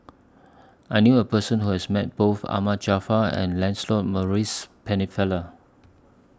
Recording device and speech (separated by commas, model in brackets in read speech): standing microphone (AKG C214), read sentence